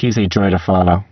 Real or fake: fake